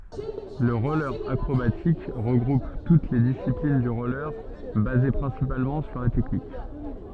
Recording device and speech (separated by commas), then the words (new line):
soft in-ear microphone, read sentence
Le roller acrobatique regroupe toutes les disciplines du roller basées principalement sur la technique.